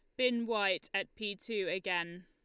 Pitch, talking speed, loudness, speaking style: 200 Hz, 175 wpm, -35 LUFS, Lombard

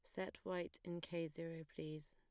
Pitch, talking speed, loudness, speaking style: 165 Hz, 190 wpm, -48 LUFS, plain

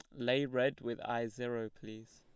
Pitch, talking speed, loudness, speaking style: 120 Hz, 185 wpm, -36 LUFS, plain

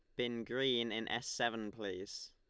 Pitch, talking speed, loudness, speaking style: 120 Hz, 170 wpm, -39 LUFS, Lombard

